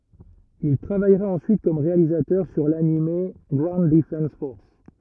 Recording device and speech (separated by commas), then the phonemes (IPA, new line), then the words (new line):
rigid in-ear microphone, read sentence
il tʁavajʁa ɑ̃syit kɔm ʁealizatœʁ syʁ lanim ɡwaund dəfɑ̃s fɔʁs
Il travaillera ensuite comme réalisateur sur l'anime Ground Defense Force!